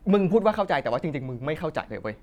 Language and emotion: Thai, sad